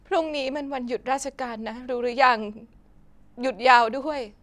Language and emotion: Thai, sad